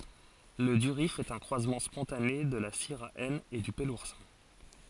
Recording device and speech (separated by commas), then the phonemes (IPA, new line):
forehead accelerometer, read sentence
lə dyʁif ɛt œ̃ kʁwazmɑ̃ spɔ̃tane də la siʁa ɛn e dy pəluʁsɛ̃